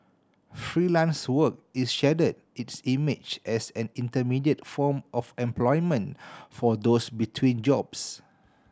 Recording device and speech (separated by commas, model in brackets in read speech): standing microphone (AKG C214), read sentence